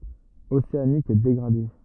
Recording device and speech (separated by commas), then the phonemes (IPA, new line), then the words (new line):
rigid in-ear microphone, read sentence
oseanik deɡʁade
Océanique dégradé.